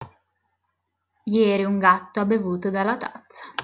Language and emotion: Italian, neutral